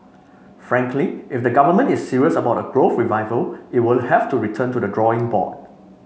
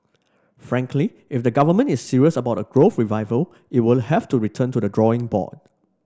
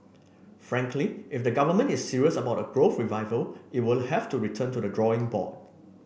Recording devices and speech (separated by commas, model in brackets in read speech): mobile phone (Samsung C5), standing microphone (AKG C214), boundary microphone (BM630), read sentence